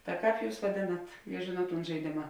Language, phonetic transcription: Lithuanian, ta ˈkāp ˈjūs vaˈdėnat je ˈžėnuot ˈtūn žaiˈdėma

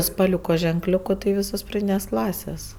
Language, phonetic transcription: Lithuanian, spaˈliuko ženˈkliuku tai ˈvysos praˈdynės ˈklasės

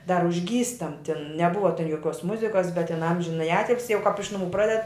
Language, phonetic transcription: Lithuanian, dar užˈgystam tin neˈbuva joˈkiuos ˈmuzikas bet tin ˈamžinaji ˈatilsi jau kap iš nuˈmų ˈpraded

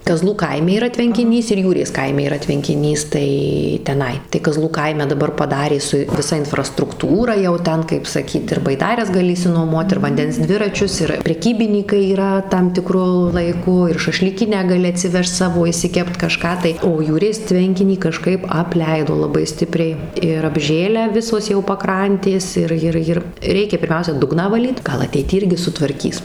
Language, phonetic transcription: Lithuanian, kaˈzlų ˈkaime yˈra tvenkiˈnys ir ˈjūrės ˈkaime yˈra tvenkiˈnys ˈtai teˈnai tai kaˈzlų ˈkaime daˈbar paˈdarė su viˈsa infrastrukˈtūra jau ˈten kaip saˈkyt ir baiˈdares gaˈli išsinuoˈmuot ir vanˈdens ˈdviračius ir preˈkybinykai yˈra tam tiˈkru laiˈku ir šašlyˈkinę gaˈli atsiˈvežt ˈsavo išsiˈkept kaˈžką tai o ˈjūrės ˈtvenkinį kaˈžkaip apˈleido laˈbai ˈstipriai ir apˈžėlę ˈvisos jau paˈkrantės ˈir ˈjir ˈjir ˈreikia pirˈmiausia ˈdugną vaˈlyt ˈgal ateiˈty ˈirgi sutvarˈkys

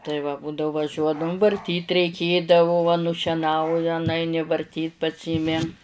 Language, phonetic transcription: Lithuanian, tai va ˈbūdau vaˈžiuodavum varˈtyt reiˈkėdavo va nušeˈnauja nuˈaini varˈtyt paˈsymi

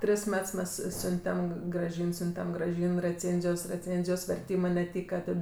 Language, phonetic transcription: Lithuanian, ˈtris ˈmets ˈmes ˈsiuntem graˈžyn ˈsiuntem graˈžyn reˈcėnzijos reˈcėnzijos verˈtymɜ neˈtyka ˈtad

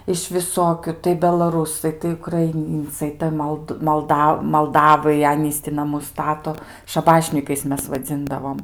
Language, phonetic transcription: Lithuanian, iš viˈsokiu tai belaˈrūsai tai ukraiˈnyncai ˈtai mold malˈda malˈdavai ˈanys ti naˈmus ˈstato šaˈbašnykais ˈmes vaˈdzindavom

